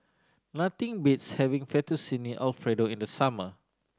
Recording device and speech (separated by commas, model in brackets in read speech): standing microphone (AKG C214), read sentence